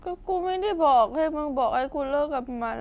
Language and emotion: Thai, sad